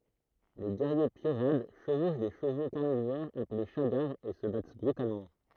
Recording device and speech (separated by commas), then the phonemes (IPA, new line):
throat microphone, read sentence
le ɡɛʁje pjoʁad ʃəvoʃ de ʃəvo kaʁnivoʁz aple ʃaɡaʁz e sə bat bʁytalmɑ̃